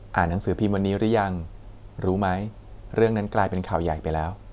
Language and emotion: Thai, neutral